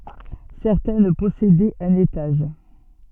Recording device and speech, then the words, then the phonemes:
soft in-ear microphone, read sentence
Certaines possédaient un étage.
sɛʁtɛn pɔsedɛt œ̃n etaʒ

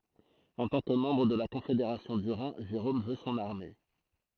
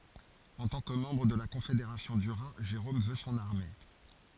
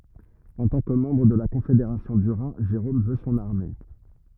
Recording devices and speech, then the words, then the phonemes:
throat microphone, forehead accelerometer, rigid in-ear microphone, read sentence
En tant que membre de la Confédération du Rhin, Jérôme veut son armée.
ɑ̃ tɑ̃ kə mɑ̃bʁ də la kɔ̃fedeʁasjɔ̃ dy ʁɛ̃ ʒeʁom vø sɔ̃n aʁme

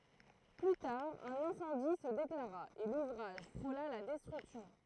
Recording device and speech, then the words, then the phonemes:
throat microphone, read sentence
Plus tard, un incendie se déclara, et l'ouvrage frôla la destruction.
ply taʁ œ̃n ɛ̃sɑ̃di sə deklaʁa e luvʁaʒ fʁola la dɛstʁyksjɔ̃

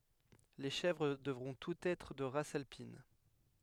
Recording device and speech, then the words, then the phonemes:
headset microphone, read sentence
Les chèvres devront toutes être de race alpine.
le ʃɛvʁ dəvʁɔ̃ tutz ɛtʁ də ʁas alpin

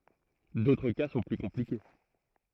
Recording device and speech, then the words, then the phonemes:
throat microphone, read sentence
D'autres cas sont plus compliqués.
dotʁ ka sɔ̃ ply kɔ̃plike

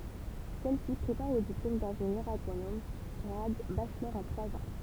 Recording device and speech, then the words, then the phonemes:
temple vibration pickup, read sentence
Celle-ci prépare au diplôme d'ingénieur agronome grade Bachelor en trois ans.
sɛlsi pʁepaʁ o diplom dɛ̃ʒenjœʁ aɡʁonom ɡʁad baʃlɔʁ ɑ̃ tʁwaz ɑ̃

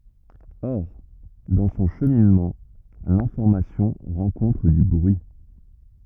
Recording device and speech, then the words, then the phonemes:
rigid in-ear microphone, read sentence
Or, dans son cheminement, l'information rencontre du bruit.
ɔʁ dɑ̃ sɔ̃ ʃəminmɑ̃ lɛ̃fɔʁmasjɔ̃ ʁɑ̃kɔ̃tʁ dy bʁyi

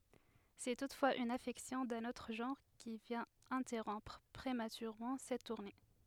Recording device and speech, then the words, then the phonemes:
headset microphone, read sentence
C'est toutefois une affection d'un autre genre qui vient interrompre prématurément cette tournée.
sɛ tutfwaz yn afɛksjɔ̃ dœ̃n otʁ ʒɑ̃ʁ ki vjɛ̃t ɛ̃tɛʁɔ̃pʁ pʁematyʁemɑ̃ sɛt tuʁne

